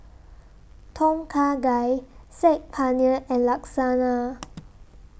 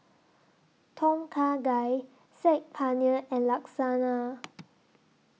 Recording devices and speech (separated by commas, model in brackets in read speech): boundary microphone (BM630), mobile phone (iPhone 6), read sentence